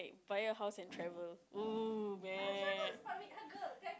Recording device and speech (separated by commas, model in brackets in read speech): close-talking microphone, conversation in the same room